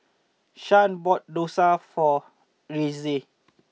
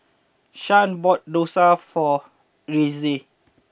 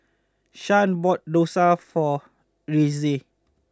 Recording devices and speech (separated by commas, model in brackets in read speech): mobile phone (iPhone 6), boundary microphone (BM630), close-talking microphone (WH20), read sentence